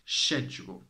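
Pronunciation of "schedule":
'Schedule' is said with the British English pronunciation, not the American one.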